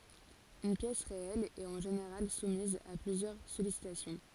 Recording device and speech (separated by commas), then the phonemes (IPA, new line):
forehead accelerometer, read sentence
yn pjɛs ʁeɛl ɛt ɑ̃ ʒeneʁal sumiz a plyzjœʁ sɔlisitasjɔ̃